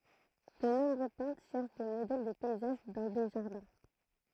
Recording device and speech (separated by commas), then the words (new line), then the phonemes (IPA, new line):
throat microphone, read sentence
De nombreux peintres cherchent des modèles de paysages dans des jardins.
də nɔ̃bʁø pɛ̃tʁ ʃɛʁʃ de modɛl də pɛizaʒ dɑ̃ de ʒaʁdɛ̃